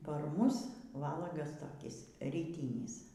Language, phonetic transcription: Lithuanian, par ˈmus ˈvalagas toˈkis ryˈtynis

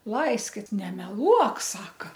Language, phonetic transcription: Lithuanian, ˈlaiskit nemeˈluok ˈsaka

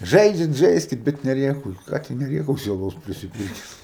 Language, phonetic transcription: Lithuanian, ˈžaidžiat ˈžaiskit ˈbet neˈrėkaukit ˈką tu neˈrėkausi aˈlaus prisiˈpūtes

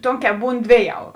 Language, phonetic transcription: Lithuanian, ˈtonˌkē ˈbūn ˈdvėˌjau

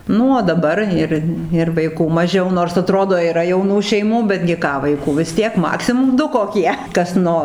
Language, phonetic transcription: Lithuanian, ˈnu o daˈbar ˈir ir vaiˈkų maˈžiau nors aˈtrodo yˈra jauˈnų šeiˈmų betgi ˈką vaiˈkų vis ˈtiek ˈmaksimum ˈdu koˈkie ˈkas ˈno

